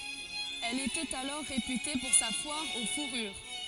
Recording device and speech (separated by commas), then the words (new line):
forehead accelerometer, read sentence
Elle était alors réputée pour sa foire aux fourrures.